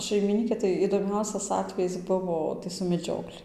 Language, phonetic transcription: Lithuanian, šaimiˈnykė tai idoˈmiausias ˈatvejis ˈbuvo tai su meˈdžiokli

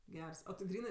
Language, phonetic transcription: Lithuanian, ˈgers o ti ˈgrynɜ

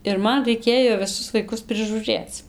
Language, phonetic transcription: Lithuanian, ir ˈman raiˈkėjo viˈsus vaiˈkus prižūˈrėc

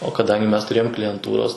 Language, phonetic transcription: Lithuanian, o kaˈdangi ˈmes tuˈrėjom klijenˈtūros

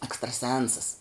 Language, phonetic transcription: Lithuanian, ekstraˈsensas

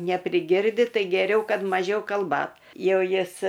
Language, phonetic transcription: Lithuanian, nepriˈgirdi ˈtai geˈriau ˈkad maˈžiau kalˈbat ˈjau ˈjis

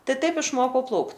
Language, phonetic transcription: Lithuanian, ˈtai ˈtaip išˈmokau ˈplaukt

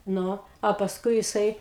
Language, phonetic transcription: Lithuanian, ˈnu a pasˈkui jiˈsai

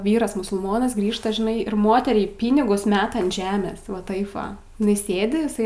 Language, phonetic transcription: Lithuanian, ˈvyras musulˈmonas ˈgrįžta žiˈnai ir ˈmoteriai ˈpynigus ˈmeta ant ˈžemės va ˈtaip ˈva iˈnai ˈsėdi iˈsai

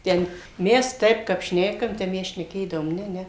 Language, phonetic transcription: Lithuanian, ˈten ˈmes ˈtaip kap ˈšnekam ˈtep ˈmes šneˈkėdavom ˈne ˈne

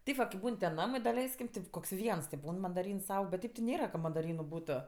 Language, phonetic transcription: Lithuanian, ˈteip va kaip ˈbūn ten ˈnamai daˈleiskim ˈtip koks ˈviens ti ˈbūn mandaˈryns ˈaug bet ˈtėp ti ˈnėra ka madaˈrynu ˈbūto

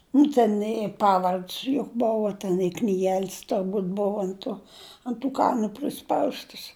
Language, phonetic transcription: Lithuanian, nu ˈten i ˈpavard's' juk ˈbova ten i knyˈgel's' turˈbūt' ˈbova ant ˈto ant tų ˈkanu priˈspaustəs

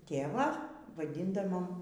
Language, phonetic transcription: Lithuanian, ˈtėvą vaˈdindavom

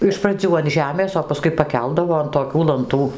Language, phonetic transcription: Lithuanian, iš praˈdzių an ˈžemės o paˈskui paˈkeldavo an toˈkių lanˈtų

